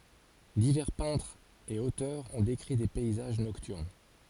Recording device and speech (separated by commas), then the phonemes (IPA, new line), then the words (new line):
forehead accelerometer, read sentence
divɛʁ pɛ̃tʁz e otœʁz ɔ̃ dekʁi de pɛizaʒ nɔktyʁn
Divers peintres et auteurs ont décrit des paysages nocturnes.